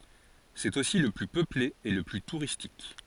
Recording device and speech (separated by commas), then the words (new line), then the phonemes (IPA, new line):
forehead accelerometer, read sentence
C'est aussi le plus peuplé et le plus touristique.
sɛt osi lə ply pøple e lə ply tuʁistik